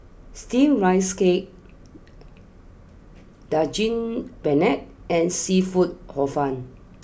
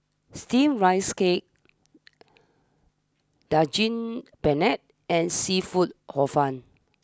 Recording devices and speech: boundary microphone (BM630), standing microphone (AKG C214), read sentence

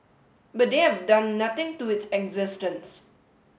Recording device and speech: mobile phone (Samsung S8), read sentence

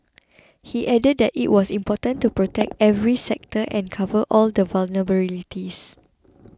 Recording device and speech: close-talking microphone (WH20), read sentence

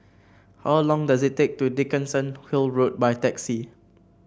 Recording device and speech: boundary microphone (BM630), read sentence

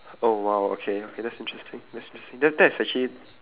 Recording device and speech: telephone, conversation in separate rooms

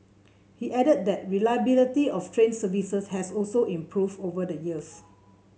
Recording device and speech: mobile phone (Samsung C7), read sentence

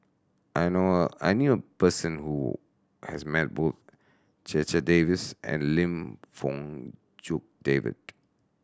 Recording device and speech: standing microphone (AKG C214), read sentence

